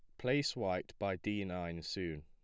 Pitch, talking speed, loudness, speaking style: 90 Hz, 175 wpm, -38 LUFS, plain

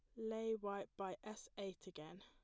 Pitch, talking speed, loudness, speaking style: 200 Hz, 175 wpm, -48 LUFS, plain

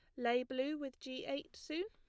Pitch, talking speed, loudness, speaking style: 275 Hz, 215 wpm, -41 LUFS, plain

